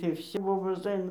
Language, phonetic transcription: Lithuanian, tai ˈbobos ˈaina

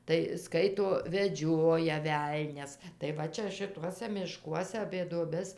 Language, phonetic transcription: Lithuanian, tai ˈskaito veˈdžioja ˈvelnias tai ˈva čia šiˈtuose mišˈkuose apė duoˈbes

